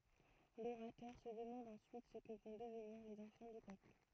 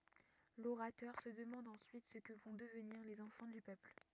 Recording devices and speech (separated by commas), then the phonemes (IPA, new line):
throat microphone, rigid in-ear microphone, read sentence
loʁatœʁ sə dəmɑ̃d ɑ̃syit sə kə vɔ̃ dəvniʁ lez ɑ̃fɑ̃ dy pøpl